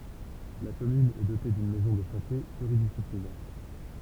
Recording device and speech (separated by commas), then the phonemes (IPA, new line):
temple vibration pickup, read sentence
la kɔmyn ɛ dote dyn mɛzɔ̃ də sɑ̃te plyʁidisiplinɛʁ